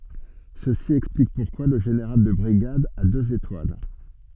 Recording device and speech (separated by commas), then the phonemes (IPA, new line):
soft in-ear microphone, read sentence
səsi ɛksplik puʁkwa lə ʒeneʁal də bʁiɡad a døz etwal